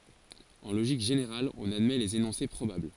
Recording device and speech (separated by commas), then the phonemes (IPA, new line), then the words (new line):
forehead accelerometer, read sentence
ɑ̃ loʒik ʒeneʁal ɔ̃n admɛ lez enɔ̃se pʁobabl
En logique générale, on admet les énoncés probables.